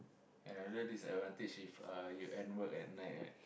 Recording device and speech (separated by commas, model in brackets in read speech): boundary microphone, conversation in the same room